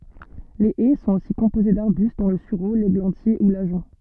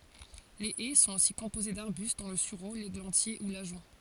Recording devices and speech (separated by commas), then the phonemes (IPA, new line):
soft in-ear microphone, forehead accelerometer, read sentence
le ɛ sɔ̃t osi kɔ̃poze daʁbyst dɔ̃ lə syʁo leɡlɑ̃tje u laʒɔ̃